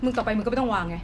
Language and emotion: Thai, angry